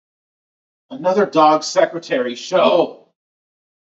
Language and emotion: English, angry